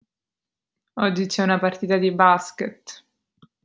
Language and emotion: Italian, sad